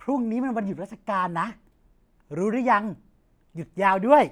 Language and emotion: Thai, happy